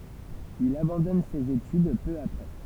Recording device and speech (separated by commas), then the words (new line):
temple vibration pickup, read sentence
Il abandonne ses études peu après.